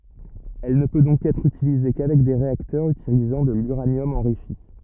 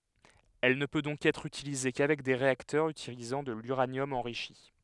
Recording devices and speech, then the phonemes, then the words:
rigid in-ear microphone, headset microphone, read sentence
ɛl nə pø dɔ̃k ɛtʁ ytilize kavɛk de ʁeaktœʁz ytilizɑ̃ də lyʁanjɔm ɑ̃ʁiʃi
Elle ne peut donc être utilisée qu'avec des réacteurs utilisant de l’uranium enrichi.

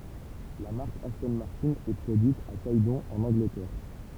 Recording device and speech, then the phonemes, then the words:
temple vibration pickup, read sentence
la maʁk astɔ̃ maʁtɛ̃ ɛ pʁodyit a ɡɛdɔ̃ ɑ̃n ɑ̃ɡlətɛʁ
La marque Aston Martin est produite à Gaydon en Angleterre.

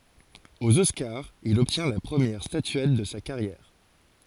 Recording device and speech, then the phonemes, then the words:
forehead accelerometer, read sentence
oz ɔskaʁz il ɔbtjɛ̃ la pʁəmjɛʁ statyɛt də sa kaʁjɛʁ
Aux Oscars, il obtient la première statuette de sa carrière.

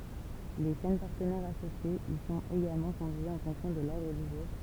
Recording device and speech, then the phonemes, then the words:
temple vibration pickup, read sentence
le ʃɛn paʁtənɛʁz asosjez i sɔ̃t eɡalmɑ̃ kɔ̃vjez ɑ̃ fɔ̃ksjɔ̃ də lɔʁdʁ dy ʒuʁ
Les chaînes partenaires associées y sont également conviées en fonction de l'ordre du jour.

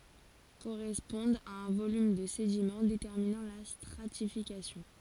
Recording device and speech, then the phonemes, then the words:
forehead accelerometer, read sentence
koʁɛspɔ̃dt a œ̃ volym də sedimɑ̃ detɛʁminɑ̃ la stʁatifikasjɔ̃
Correspondent à un volume de sédiment déterminant la stratification.

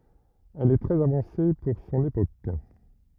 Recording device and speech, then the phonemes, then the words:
rigid in-ear microphone, read sentence
ɛl ɛ tʁɛz avɑ̃se puʁ sɔ̃n epok
Elle est très avancée pour son époque.

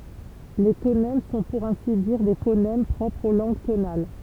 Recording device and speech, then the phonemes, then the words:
temple vibration pickup, read sentence
le tonɛm sɔ̃ puʁ ɛ̃si diʁ de fonɛm pʁɔpʁz o lɑ̃ɡ tonal
Les tonèmes sont pour ainsi dire des phonèmes propres aux langues tonales.

